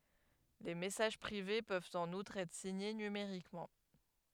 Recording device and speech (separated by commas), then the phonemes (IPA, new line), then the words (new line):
headset microphone, read sentence
le mɛsaʒ pʁive pøvt ɑ̃n utʁ ɛtʁ siɲe nymeʁikmɑ̃
Les messages privés peuvent en outre être signés numériquement.